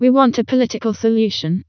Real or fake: fake